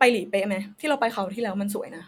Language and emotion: Thai, neutral